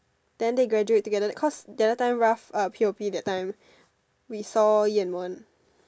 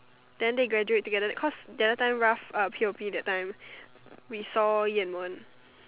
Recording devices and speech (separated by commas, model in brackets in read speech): standing microphone, telephone, conversation in separate rooms